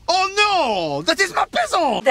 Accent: bad French accent